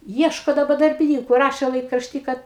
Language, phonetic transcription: Lithuanian, ˈieško daˈba darbiˈnyku ˈrašė laikrašˈty ˈkad

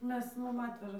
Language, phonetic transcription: Lithuanian, ˈmes ˈmum ˈatveža

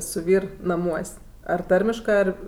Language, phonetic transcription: Lithuanian, su ˈvyr naˈmuos' ar ˈtarmiškɜ ˈar

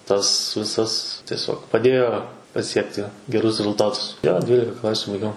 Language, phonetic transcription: Lithuanian, tas ˈvisas tieˈsiog paˈdėjo paˈsiekti geˈrus rezulˈtatus jo ˈdvylika ˈklasiu baiˈgiau

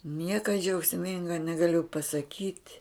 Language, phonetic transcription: Lithuanian, ˈnieka džiaugsˈminga negaˈliu pasaˈkyt'

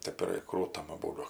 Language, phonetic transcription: Lithuanian, ˈtėp ir ˈkrūtam aˈbūdu

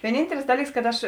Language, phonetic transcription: Lithuanian, vieˈnyntelis ˈdalyks kad ˈaš

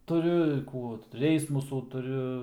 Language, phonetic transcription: Lithuanian, tuˈriu ir ˈkų ˈreismusų tuˈriu

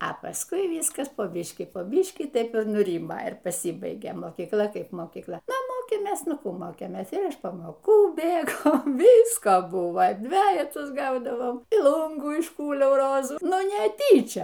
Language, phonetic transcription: Lithuanian, a paˈskui ˈvyskas po ˈbyškį po ˈbyškį ˈtaip ir nuˈrymo ir paˈsybaigė mokykˈla ˈkaip mokykˈla ˈnu ˈmokėmės ˈnu ˈkų ˈmokėmės ir iš pamoˈkų ˈbėgo ˈvyska ˈbuva ˈdvejetus ˈgaudavom y ˈlūngų išˈkūliau ˈrozų ˈnu neˈtyčia

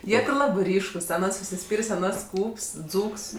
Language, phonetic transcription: Lithuanian, ˈjie ti ˈlabɜ ˈryškus aˈnas užsiˈspyrės' aˈnas ˈskūps ˈdzūks

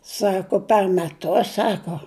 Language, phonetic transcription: Lithuanian, ˈsako per meˈtus ˈsako

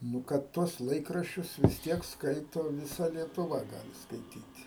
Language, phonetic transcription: Lithuanian, ˈnu kad ˈtuos ˈlaikraščius vis ˈtiek ˈskaito viˈsa lietuˈva ˈgali skaiˈtyt'

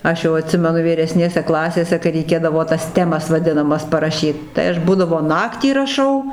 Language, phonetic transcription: Lithuanian, ˈaš jau aˈtsimenu vyreˈsnėse ˈklasėse kai reiˈkėdavo tas ˈtemas vaˈdinamas paraˈšyt ˈtai aš ˈbūdavo ˈnaktį raˈšau

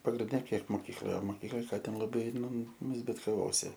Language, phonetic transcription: Lithuanian, pagrinˈde ˈkiek moˈkykloje o moˈkykloj ˈką ˈten laˈbai ˈnu zbitkaˈvosi

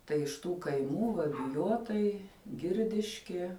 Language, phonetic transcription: Lithuanian, tai iš ˈtų kaiˈmų va biˈjotai ˈgirdiškie

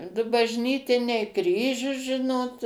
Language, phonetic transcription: Lithuanian, ˈdu bažˈnytiniai ˈkryžius ˈžinot

